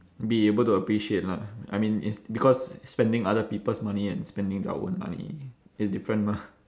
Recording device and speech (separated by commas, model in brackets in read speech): standing microphone, conversation in separate rooms